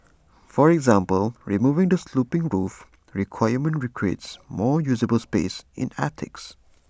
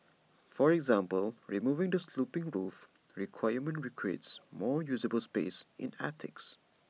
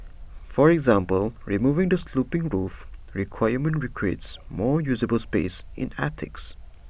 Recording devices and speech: standing microphone (AKG C214), mobile phone (iPhone 6), boundary microphone (BM630), read sentence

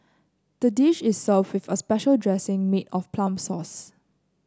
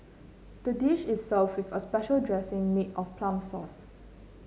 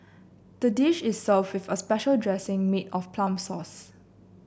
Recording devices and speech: close-talking microphone (WH30), mobile phone (Samsung C9), boundary microphone (BM630), read sentence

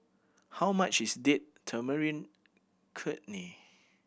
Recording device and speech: boundary microphone (BM630), read sentence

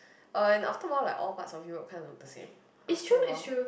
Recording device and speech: boundary microphone, conversation in the same room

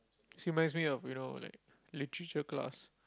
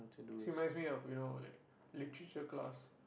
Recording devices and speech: close-talking microphone, boundary microphone, conversation in the same room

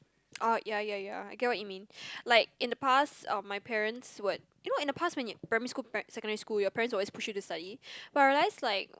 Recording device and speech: close-talking microphone, conversation in the same room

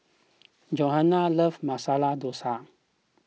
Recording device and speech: mobile phone (iPhone 6), read sentence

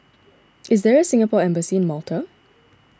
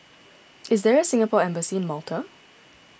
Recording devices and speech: standing microphone (AKG C214), boundary microphone (BM630), read sentence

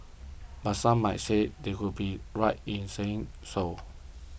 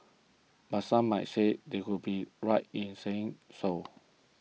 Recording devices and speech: boundary microphone (BM630), mobile phone (iPhone 6), read sentence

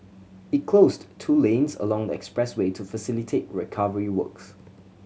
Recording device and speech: mobile phone (Samsung C7100), read sentence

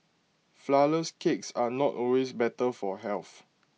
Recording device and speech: mobile phone (iPhone 6), read sentence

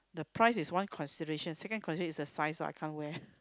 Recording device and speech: close-talking microphone, conversation in the same room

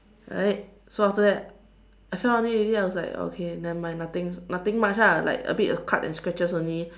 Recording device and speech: standing microphone, conversation in separate rooms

